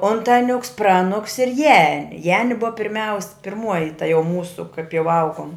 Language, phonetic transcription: Lithuanian, ˈontaˌniuks ˈpraˌnuks ir ˈjani ˈjani ˈbuva pirˈmiaus pirˈmuoji ta jau ˈmūsu kaip jau ˈaugom

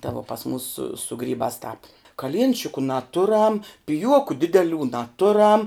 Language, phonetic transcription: Lithuanian, ta vo pas mūs su su ˈgrybās tāp kaˈlienčiku naˈturam piˈjuoku ˈdideˌlių naˈturam

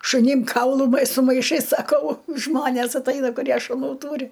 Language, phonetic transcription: Lithuanian, šuˈnim ˈkaulu ma su maiˈšais saˈkau ˈžmonės atˈaina kuˈrie šuˈnų ˈtūri

